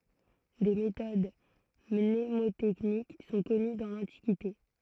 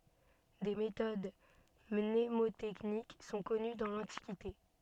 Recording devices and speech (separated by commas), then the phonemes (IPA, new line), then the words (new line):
throat microphone, soft in-ear microphone, read sentence
de metod mnemotɛknik sɔ̃ kɔny dɑ̃ lɑ̃tikite
Des méthodes mnémotechniques sont connues dans l'Antiquité.